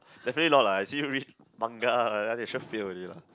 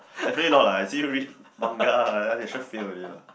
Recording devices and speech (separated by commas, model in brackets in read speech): close-talking microphone, boundary microphone, conversation in the same room